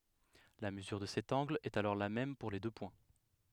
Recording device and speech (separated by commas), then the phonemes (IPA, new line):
headset microphone, read sentence
la məzyʁ də sɛt ɑ̃ɡl ɛt alɔʁ la mɛm puʁ le dø pwɛ̃